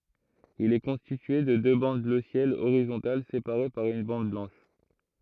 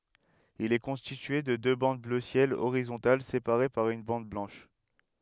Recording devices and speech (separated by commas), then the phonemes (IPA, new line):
throat microphone, headset microphone, read sentence
il ɛ kɔ̃stitye də dø bɑ̃d blø sjɛl oʁizɔ̃tal sepaʁe paʁ yn bɑ̃d blɑ̃ʃ